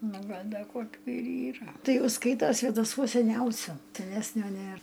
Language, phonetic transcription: Lithuanian, ˈnu ˈgal' ˈda ˈkokiu ir ˈyra ˈtai ˈjau ˈskaito svėdaˈsuos seˈniausiu seˈnesnio ˈnėr

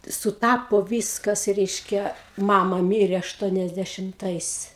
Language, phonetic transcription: Lithuanian, suˈtapo ˈvyskas ˈreiškia ˈmama ˈmyrė ašˌtuoniasdešimˈtais

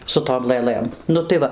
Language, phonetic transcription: Lithuanian, su ˈtom lɘˈlɘm ˈnu tai ˈva

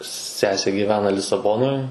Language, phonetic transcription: Lithuanian, ˈsesė gyˈvena lisaˈbonoj

